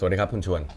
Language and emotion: Thai, neutral